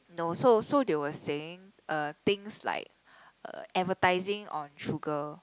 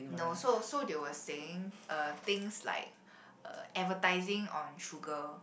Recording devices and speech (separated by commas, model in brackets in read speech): close-talking microphone, boundary microphone, conversation in the same room